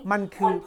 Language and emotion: Thai, neutral